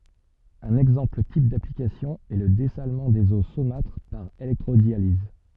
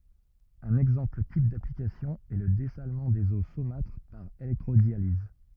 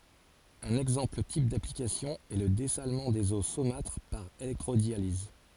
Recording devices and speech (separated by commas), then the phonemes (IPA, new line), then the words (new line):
soft in-ear microphone, rigid in-ear microphone, forehead accelerometer, read sentence
œ̃n ɛɡzɑ̃pl tip daplikasjɔ̃ ɛ lə dɛsalmɑ̃ dez o somatʁ paʁ elɛktʁodjaliz
Un exemple type d’application est le dessalement des eaux saumâtres par électrodialyse.